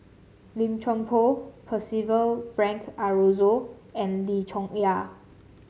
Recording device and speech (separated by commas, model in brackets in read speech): mobile phone (Samsung C7), read sentence